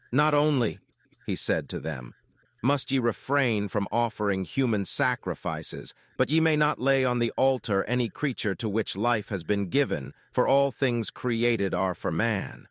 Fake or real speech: fake